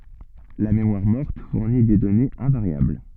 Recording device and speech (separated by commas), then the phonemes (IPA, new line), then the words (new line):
soft in-ear microphone, read sentence
la memwaʁ mɔʁt fuʁni de dɔnez ɛ̃vaʁjabl
La mémoire morte fournit des données invariables.